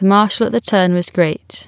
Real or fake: real